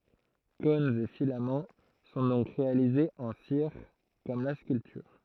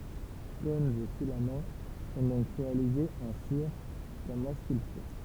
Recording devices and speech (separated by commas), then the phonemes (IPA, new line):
throat microphone, temple vibration pickup, read sentence
kɔ̃nz e filamɑ̃ sɔ̃ dɔ̃k ʁealizez ɑ̃ siʁ kɔm la skyltyʁ